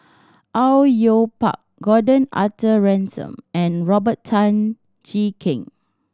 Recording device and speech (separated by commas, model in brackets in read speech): standing microphone (AKG C214), read sentence